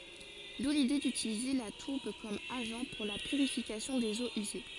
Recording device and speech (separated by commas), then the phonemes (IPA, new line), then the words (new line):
forehead accelerometer, read sentence
du lide dytilize la tuʁb kɔm aʒɑ̃ puʁ la pyʁifikasjɔ̃ dez oz yze
D'où l'idée d'utiliser la tourbe comme agent pour la purification des eaux usées.